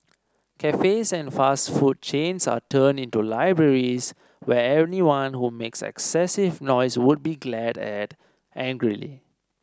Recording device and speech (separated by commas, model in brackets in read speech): standing microphone (AKG C214), read sentence